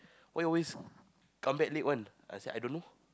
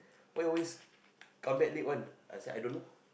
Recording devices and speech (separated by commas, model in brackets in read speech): close-talking microphone, boundary microphone, conversation in the same room